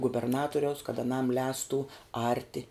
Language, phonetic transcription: Lithuanian, guberˈnaturiaus kad aˈnam ˈlēstu ˈarti

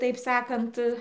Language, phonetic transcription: Lithuanian, taip ˈsakant

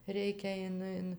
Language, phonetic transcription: Lithuanian, ˈreikia ˈin ˈin

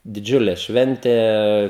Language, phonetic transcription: Lithuanian, diˈdžiule ˈšventė

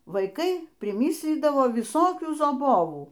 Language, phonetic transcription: Lithuanian, vaiˈkai priˈmislydavo viˈsokių zaˈbovų

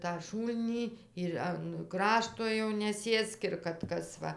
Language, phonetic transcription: Lithuanian, tą ˈšūlnį ir an ˈkrašto jau neˈsėsk ir kad ˈkas ˈva

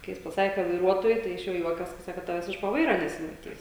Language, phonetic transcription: Lithuanian, kai ˈjis paˈsakė kad vaiˈruotoju ˈtai iš ˈjo ˈjuokias ka ˈsako ˈtaves iš po ˈvaira nesimaˈtys

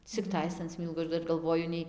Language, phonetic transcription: Lithuanian, cikˈtais an ˈsmylgu aš ˈdar galˈvoju ˈnei

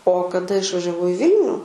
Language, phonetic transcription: Lithuanian, o kaˈda išvažiaˈvau i ˈvilniu

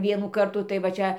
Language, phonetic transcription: Lithuanian, ˈvienų ˈkartų tai va ˈčia

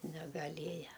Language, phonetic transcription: Lithuanian, negaˈlėja

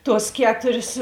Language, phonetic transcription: Lithuanian, ˈtuos ˈketurės

